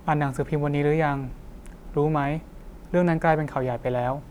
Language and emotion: Thai, neutral